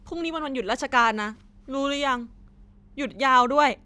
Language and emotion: Thai, sad